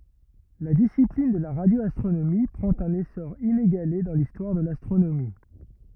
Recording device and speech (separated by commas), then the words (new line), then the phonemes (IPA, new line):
rigid in-ear microphone, read sentence
La discipline de la radioastronomie prend un essor inégalé dans l'histoire de l'astronomie.
la disiplin də la ʁadjoastʁonomi pʁɑ̃t œ̃n esɔʁ ineɡale dɑ̃ listwaʁ də lastʁonomi